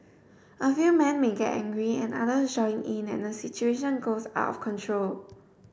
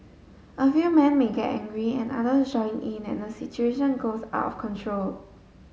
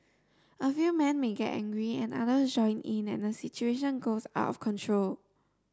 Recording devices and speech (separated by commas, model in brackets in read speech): boundary microphone (BM630), mobile phone (Samsung S8), standing microphone (AKG C214), read sentence